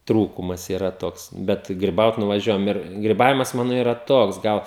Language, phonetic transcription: Lithuanian, ˈtrūkumas yˈra ˈtoks ˈbet griˈbaut nuvaˈžiuojam ir griˈbavimas ˈmano ˈyra ˈtoks ˈgal

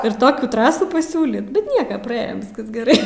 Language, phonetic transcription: Lithuanian, ir ˈtokių ˈtrasų paˈsiūlyt bet ˈnieka praˈėjom ˈviskas geˈrai

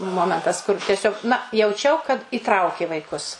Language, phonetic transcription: Lithuanian, ˈmomentas kur teˈsiog na jauˈčiau kad įˈtraukė vaiˈkus

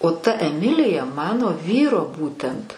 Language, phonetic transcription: Lithuanian, o ta eˈmilija ˈmano ˈvyro ˈbūtent

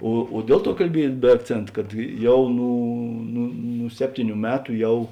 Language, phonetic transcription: Lithuanian, o o ˈdiel ˌtuo kalˈbiej be akˈcėnt kad ˈjau ˈnū nu nu ˈseptyˌnių ˈmetu ˈjau

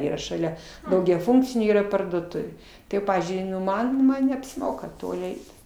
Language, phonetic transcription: Lithuanian, ˈyra šaˈlia daugiaˈfunkcinė ˈyra parduoˈtuvė tai ˈpavyzdžiui ˈman ˈman neapsiˈmoka ˈtoli ˈeit

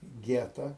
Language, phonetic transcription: Lithuanian, ˈgeta

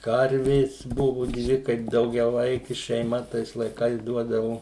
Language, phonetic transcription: Lithuanian, ˈkarvės ˈbuvu ˈdvi ˈkaip daugiaˈvaiki šeiˈma ˈtais laiˈkais ˈduodavo

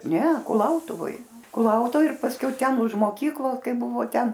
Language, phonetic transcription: Lithuanian, ˈne kuˈlautuvoj kuˈlautuvoj ir pasˈkiau ˈten už moˈkyklos ˈkaip ˈbuvo ˈten

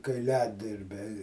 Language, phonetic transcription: Lithuanian, kaiˈliadirbiai

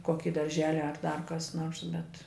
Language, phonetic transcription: Lithuanian, ˈkoki darˈželi ar dar ˈkas ˈnors bet

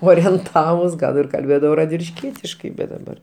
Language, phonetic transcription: Lithuanian, orienˈtavus ˈgal ir kalˈbėdavau radvilišˈkietiškai bet daˈbar

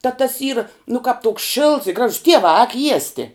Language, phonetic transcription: Lithuanian, tā tas yra nu kāp tok šilts i ˈgražus ˈtievā āk ˈjiesti

